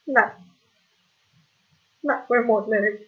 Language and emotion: Thai, sad